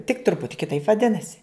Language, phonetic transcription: Lithuanian, tik ˈtruputi kiˈtaip vaˈdinasi

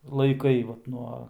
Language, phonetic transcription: Lithuanian, laiˈkai vat ˈnuo

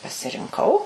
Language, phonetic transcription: Lithuanian, pasirinˈkau

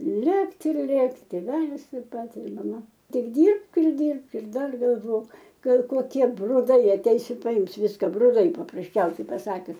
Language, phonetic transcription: Lithuanian, ˈlėkt' ir ˈlėkti tėˈvelis taip ˈpat ir maˈma ˈtik ˈdyrbk ir ˈdyrbk ir ˈdar galˈvok ˈgal koˈkie bruˈdai aˈteis i paˈims ˈviska bruˈdai paprasˈčiausiai paˈsakius

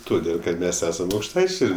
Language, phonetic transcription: Lithuanian, toˈdėl kad ˈmes ˈesam aukšˈtaičiai

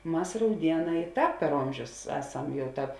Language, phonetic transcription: Lithuanian, ˈmas rauˈdieˌnā i ˈtāp per ˈomžius ˈeˌsam ˈjau ˈtāp

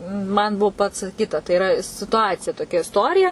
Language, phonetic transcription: Lithuanian, man ˈbuo pacaˈkyta tai iˈra situˈacija toˈkia isˈtorija

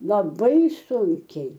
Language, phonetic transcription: Lithuanian, laˈbai ˈsunkiai

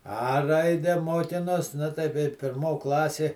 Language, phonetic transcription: Lithuanian, a ˈraide ˈmokinos ˈnu tai kai pirˈmo ˈklasė

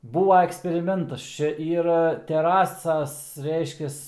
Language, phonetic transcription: Lithuanian, ˈbūva eksperiˈmentas ˈčia ˈyra teˈrasas ˈreiškias

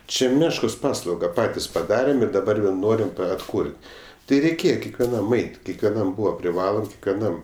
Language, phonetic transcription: Lithuanian, ˈčia ˈmeškos ˈpaslauga ˈpatis paˈdarėm ir daˈbar vėl ˈnorim atˈkur't' ti ˈreikėje kekveˈnam ˈait' kekveˈnam ˈbūva priˈvalom kekveˈnam

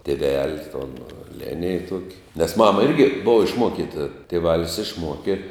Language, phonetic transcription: Lithuanian, tėˈvel' ton ˈlenij ˈtuoki nes ˈmama ˈirgi ˈbova išˈmuokita tėˈvalis išˈmuoki

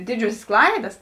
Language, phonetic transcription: Lithuanian, ˈdidžiuosės ˈklaidas

